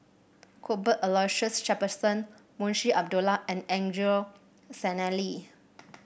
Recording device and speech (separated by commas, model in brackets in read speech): boundary microphone (BM630), read sentence